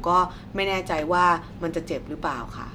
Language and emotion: Thai, neutral